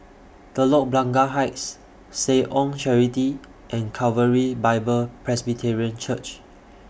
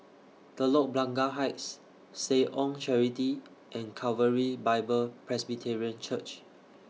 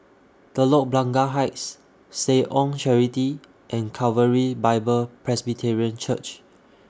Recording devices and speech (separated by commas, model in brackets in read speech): boundary microphone (BM630), mobile phone (iPhone 6), standing microphone (AKG C214), read sentence